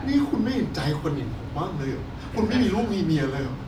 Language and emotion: Thai, sad